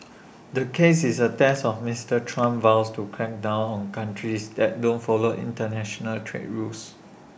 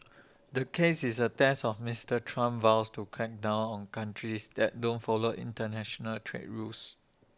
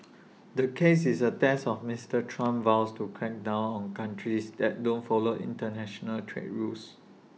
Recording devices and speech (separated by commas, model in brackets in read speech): boundary microphone (BM630), standing microphone (AKG C214), mobile phone (iPhone 6), read sentence